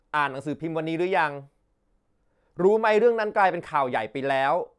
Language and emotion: Thai, frustrated